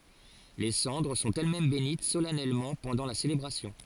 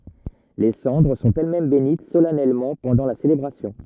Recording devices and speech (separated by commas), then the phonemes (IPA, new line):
forehead accelerometer, rigid in-ear microphone, read sentence
le sɑ̃dʁ sɔ̃t ɛlɛsmɛm benit solɛnɛlmɑ̃ pɑ̃dɑ̃ la selebʁasjɔ̃